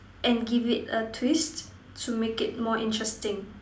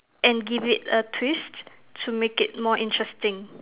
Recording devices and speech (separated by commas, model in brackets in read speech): standing microphone, telephone, conversation in separate rooms